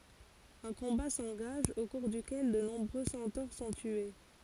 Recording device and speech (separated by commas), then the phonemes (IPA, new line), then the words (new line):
forehead accelerometer, read sentence
œ̃ kɔ̃ba sɑ̃ɡaʒ o kuʁ dykɛl də nɔ̃bʁø sɑ̃toʁ sɔ̃ tye
Un combat s'engage, au cours duquel de nombreux centaures sont tués.